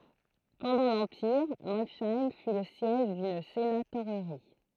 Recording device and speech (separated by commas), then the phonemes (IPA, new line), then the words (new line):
throat microphone, read sentence
pɑ̃dɑ̃ lɑ̃piʁ mɔlʃɛm fy lə sjɛʒ dyn senatoʁʁi
Pendant l'empire, Molsheim fut le siège d'une sénatorerie.